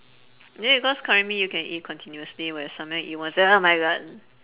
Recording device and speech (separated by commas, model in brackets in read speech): telephone, conversation in separate rooms